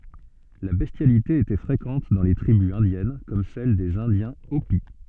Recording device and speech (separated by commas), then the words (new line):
soft in-ear microphone, read sentence
La bestialité était fréquente dans les tribus indiennes comme celles des Indiens Hopi.